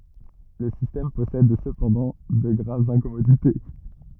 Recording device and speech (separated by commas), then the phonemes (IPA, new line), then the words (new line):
rigid in-ear microphone, read sentence
lə sistɛm pɔsɛd səpɑ̃dɑ̃ də ɡʁavz ɛ̃kɔmodite
Le système possède cependant de graves incommodités.